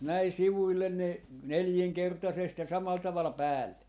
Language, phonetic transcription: Finnish, näi sivuillen ne , 'neljiŋkertasest ja 'samal 'taval "päälle .
- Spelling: näin sivuille ne nelinkertaisesti ja samalla tavalla päälle

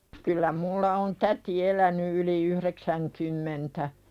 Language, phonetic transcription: Finnish, kyllä mulla on "täti eläny yli 'yhreksäŋkymmentä .
- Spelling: kyllä minulla on täti elänyt yli yhdeksänkymmentä

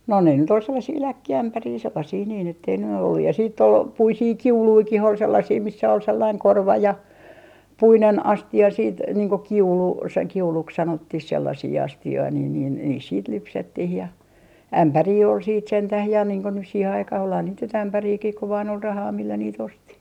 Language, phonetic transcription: Finnish, no ne nyt ‿ol 'sellasii "läkki₍ämpärii sellasii niin ‿ettei ny ollu ja , siitt ‿ol , "puisii "kiuluikih ol 'sellasii missä ol 'sellaiŋ "korva ja , "puinen 'asti₍a siit , niiŋ ko "kiulu , se 'kiuluks 'sanottih sellasii 'asti₍oi niin niin , niis siit "lypsettih ja , "ämpärii ol siit 'sentäh ja niiŋ ko nys siihe aikah olhan niit nyt "ämpäriikih ku vaan ‿ol 'rahaa millä niit 'osti .
- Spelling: no ne nyt oli sellaisia läkkiämpäreitä sellaisia niin että ei nyt ollut ja siitä oli puisia kiulujakin oli sellaisia missä oli sellainen korva ja puinen astia sitten niin kuin kiulu se kiuluksi sanottiin sellaisia astioita niin niin niissä sitten lypsettiin ja ämpäreitä oli sitten sentään ja niin kuin nyt siihen aikaan olihan niitä nyt ämpäreitäkin kun vain oli rahaa millä niitä osti

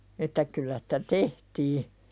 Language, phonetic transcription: Finnish, että 'kyllä sᴵtä "tehtii .
- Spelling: että kyllä sitä tehtiin

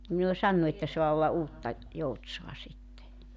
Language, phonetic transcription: Finnish, ni ne o 'sannu että soa olla 'Uutta , "Joutsoa sitte .
- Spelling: niin ne on sanonut että saa olla Uutta Joutsaa sitten

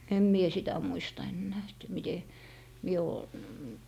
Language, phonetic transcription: Finnish, 'em mie "sitä 'muista ennää , et 'mite , mie oo , .
- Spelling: en minä sitä muista enää että miten minä ole

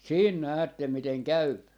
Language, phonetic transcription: Finnish, 'siin "näättem 'miteŋ "käyp .
- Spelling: siinä näette miten käy

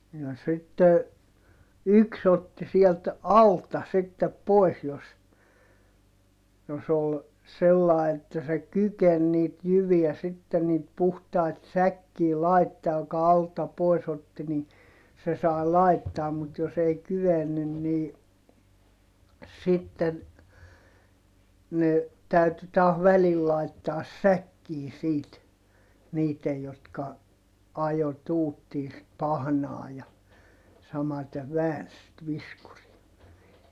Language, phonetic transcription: Finnish, ja sitte , yks ‿otti siɛlt , alta sittep poi̮s jos , jos ‿ol , sellàe että se kyken niit jyviä sitten niit puhtait säkkii laittaa ʲᵒka alta pois ‿otti ni , se sai̮ làittaam mut jos ‿ei kyvennyn nii , sitten , ne , täyty taah välil laittaas säkkii siit , niitej jotka , ajo tuuttii sit pahnaa ja , samate vääns sit viskurii .
- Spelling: ja sitten yksi otti sieltä alta sitten pois jos jos oli sillä lailla että se kykeni niitä jyviä sitten niitä puhtaita säkkiin laittamaan joka alta pois otti niin se sai laittaa mutta jos ei kyennyt niin sitten ne täytyi taas välillä laittaa säkkiin siitä niiden jotka ajoi tuuttiin sitä pahnaa ja samaten väänsi sitä viskuria

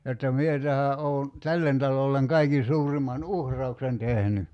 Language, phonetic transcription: Finnish, jotta "mie tähä '’oo̭ , "tällen talolleŋ 'kaikin̬ 'suuriman "uhr̀auksen 'tehny .
- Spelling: jotta minä tähän olen tälle talolle kaikkein suurimman uhrauksen tehnyt

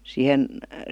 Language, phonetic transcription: Finnish, siihen ,.
- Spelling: siihen

